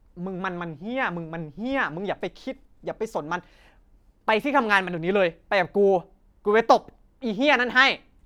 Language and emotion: Thai, angry